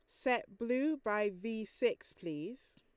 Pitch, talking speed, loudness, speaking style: 235 Hz, 140 wpm, -37 LUFS, Lombard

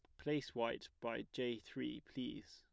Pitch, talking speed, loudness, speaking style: 120 Hz, 155 wpm, -44 LUFS, plain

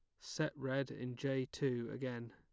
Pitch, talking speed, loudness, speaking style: 135 Hz, 170 wpm, -41 LUFS, plain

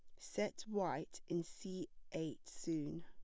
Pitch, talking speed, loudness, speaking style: 170 Hz, 125 wpm, -44 LUFS, plain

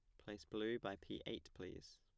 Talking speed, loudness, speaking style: 205 wpm, -49 LUFS, plain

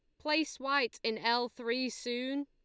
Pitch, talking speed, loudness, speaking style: 250 Hz, 160 wpm, -33 LUFS, Lombard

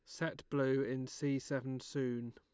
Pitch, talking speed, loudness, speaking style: 135 Hz, 170 wpm, -38 LUFS, Lombard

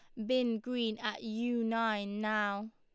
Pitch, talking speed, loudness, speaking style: 225 Hz, 150 wpm, -34 LUFS, Lombard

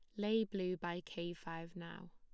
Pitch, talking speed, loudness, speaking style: 175 Hz, 185 wpm, -42 LUFS, plain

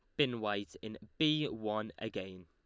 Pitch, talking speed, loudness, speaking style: 110 Hz, 160 wpm, -36 LUFS, Lombard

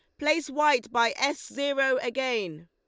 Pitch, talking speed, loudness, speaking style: 265 Hz, 145 wpm, -26 LUFS, Lombard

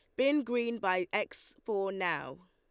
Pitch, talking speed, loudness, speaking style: 205 Hz, 155 wpm, -33 LUFS, Lombard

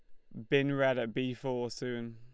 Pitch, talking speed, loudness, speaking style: 125 Hz, 225 wpm, -33 LUFS, Lombard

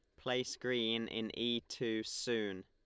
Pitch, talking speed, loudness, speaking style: 115 Hz, 145 wpm, -38 LUFS, Lombard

